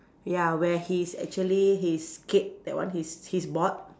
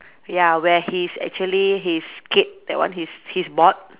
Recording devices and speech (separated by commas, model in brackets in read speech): standing microphone, telephone, conversation in separate rooms